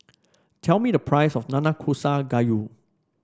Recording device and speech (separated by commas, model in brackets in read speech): standing microphone (AKG C214), read sentence